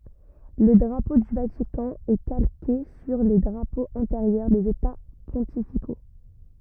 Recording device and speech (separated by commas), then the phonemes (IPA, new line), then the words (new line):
rigid in-ear microphone, read sentence
lə dʁapo dy vatikɑ̃ ɛ kalke syʁ le dʁapoz ɑ̃teʁjœʁ dez eta pɔ̃tifiko
Le drapeau du Vatican est calqué sur les drapeaux antérieurs des États pontificaux.